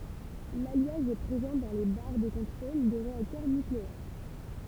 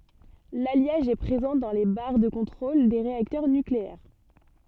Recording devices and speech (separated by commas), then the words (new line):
temple vibration pickup, soft in-ear microphone, read sentence
L'alliage est présent dans les barres de contrôle des réacteurs nucléaires.